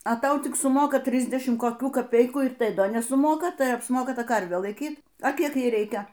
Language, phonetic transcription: Lithuanian, a ˈtau ˈtik suˈmoka ˈtrisdešimt koˈkių kaˈpeikų ir ˈtai ˈda nesuˈmoka ˈtai apsˈmoka ˈta ˈkarvė laiˈkyt a ˈkiek ˈjai ˈreikia

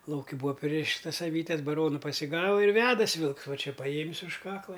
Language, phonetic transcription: Lithuanian, ˈlauki ˈbūa ˈpririštas aˈvytes baˈronu pasiˈgava ir ˈvedasi ˈvilks ˈva ˈčia paˈjėmis už ˈkakla

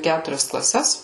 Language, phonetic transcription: Lithuanian, ˈkæturias klaˈses

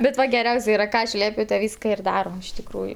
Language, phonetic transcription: Lithuanian, bet ˈva geˈriaus' ˈyra ˈką aš ˈliepiu ta ˈvyska ir ˈdarom iš tikˈrųju

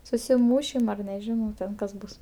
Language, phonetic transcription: Lithuanian, susiˈmūšim ar neˈžinau ˈten kas ˈbus

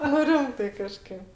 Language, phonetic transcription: Lithuanian, nu ˈrimtai kaˈžkėp

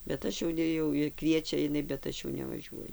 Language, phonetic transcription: Lithuanian, bet ˈaš jau ˈne jau ir ˈkviečia iˈnai bet ˈaš jau nevaˈžiuoju

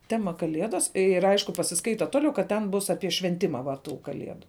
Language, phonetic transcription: Lithuanian, ˈtema kaˈliedas ir ˈaišku pasiˈskaita ˈtoˌliau kad ˈten ˈbus apie švenˈtima va ˈtų kaˈliedu

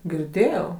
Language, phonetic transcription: Lithuanian, girˈdėjau

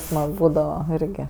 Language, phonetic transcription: Lithuanian, ˈsmag ˈbūdava ˈirgi

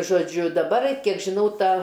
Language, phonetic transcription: Lithuanian, žoˈdžiu daˈbar ˈkiek žiˈnau ˈta

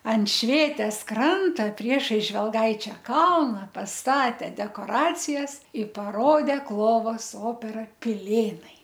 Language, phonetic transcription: Lithuanian, an ˈšvėtės ˈkranto ˈpriešais žvelˈgaičia ˈkalna pasˈtate dekoˈracijas i paˈrodė ˈklovos ˈopera piˈlėnai

